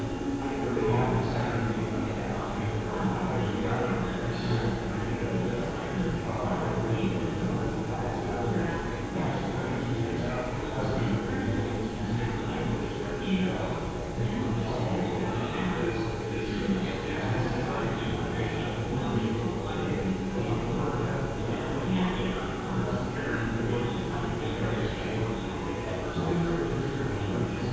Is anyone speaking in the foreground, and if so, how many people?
No one.